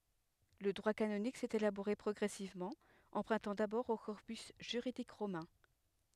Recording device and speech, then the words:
headset microphone, read sentence
Le droit canonique s'est élaboré progressivement, empruntant d'abord au corpus juridique romain.

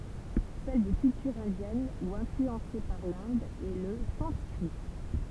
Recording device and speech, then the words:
temple vibration pickup, read sentence
Celle des cultures indiennes ou influencées par l'Inde est le sanskrit.

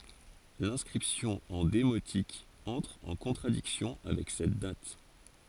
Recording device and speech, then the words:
forehead accelerometer, read sentence
L'inscription en démotique entre en contradiction avec cette date.

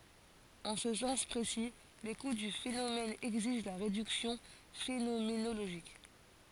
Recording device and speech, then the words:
forehead accelerometer, read sentence
En ce sens précis, l'écoute du phénomène exige la réduction phénoménologique.

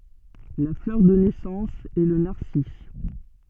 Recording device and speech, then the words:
soft in-ear microphone, read sentence
La fleur de naissance est le narcisse.

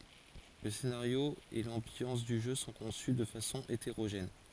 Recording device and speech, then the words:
forehead accelerometer, read sentence
Le scénario et l’ambiance du jeu sont conçus de façon hétérogène.

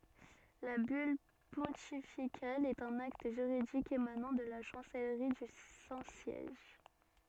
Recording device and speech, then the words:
soft in-ear microphone, read sentence
La bulle pontificale est un acte juridique émanant de la chancellerie du Saint-Siège.

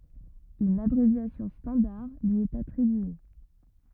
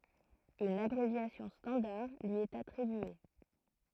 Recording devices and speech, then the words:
rigid in-ear microphone, throat microphone, read sentence
Une abréviation standard lui est attribuée.

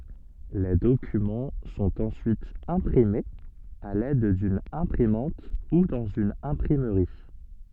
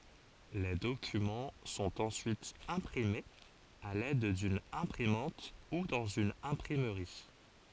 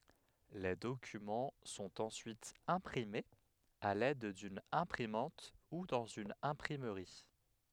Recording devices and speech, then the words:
soft in-ear microphone, forehead accelerometer, headset microphone, read sentence
Les documents sont ensuite imprimés à l'aide d'une imprimante ou dans une imprimerie.

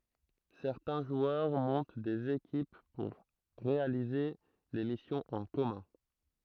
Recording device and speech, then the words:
throat microphone, read sentence
Certains joueurs montent des équipes pour réaliser des missions en commun.

